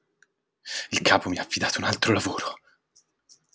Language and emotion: Italian, fearful